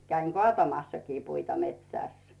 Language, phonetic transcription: Finnish, 'käiŋ "kŏàtamassakii 'puita metsä̀s .
- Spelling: kävin kaatamassakin puita metsässä

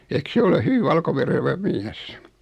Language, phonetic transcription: Finnish, eⁱk 'se ole 'hyvi 'valkoverevä "miäs ?
- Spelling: eikö se ole hyvin valkoverevä mies

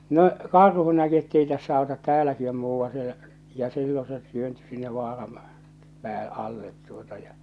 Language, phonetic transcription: Finnish, no , "karhu näki ettei tässä àotat "tääläki om 'muuvvaa̰ sielᵃ̈ , ja 'sillo se työnty sinne 'vaaram , 'pää- , 'allet tuota ja .
- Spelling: no karhu näki että ei tässä auta täälläkin on muuan siellä ja silloin se työntyi sinne vaaran - alle tuota ja

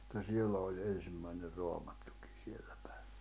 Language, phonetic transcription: Finnish, [et]tä 'siel̆lä oĺ 'en̬rimmäiner 'Roamattᴜkɪ , 'siellä pᴀ̈̀ɪ .
- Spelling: että siellä oli ensimmäinen Raamattukin siellä päin

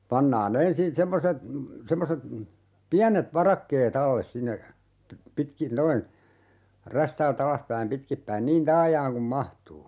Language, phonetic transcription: Finnish, 'pannaa'n ‿ensin 'semmoset , 'semmoset , "piänet "varakkee't ‿alles 'sinne , pi - 'pitkin 'noin , 'rästääl"t ‿alaspäim 'pitkippäin "niin 'taajaaŋ kum 'mahtuu .
- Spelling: pannaan ensin semmoiset semmoiset pienet varakkeet alle sinne - pitkin noin räystäältä alaspäin pitkin päin niin taajaan kuin mahtuu

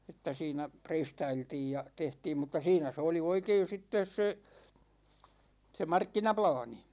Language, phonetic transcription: Finnish, 'että siinä , "preistailtiij ja 'tehtiim mut̆ta "siinä se oli 'oikein̬ 'sittes se , se "markkinaplaani .
- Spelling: että siinä preistailtiin ja tehtiin mutta siinä se oli oikein sitten se se markkinaplaani

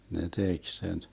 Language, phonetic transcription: Finnish, ne 'tek sen ,.
- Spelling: ne teki sen

